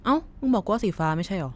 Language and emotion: Thai, neutral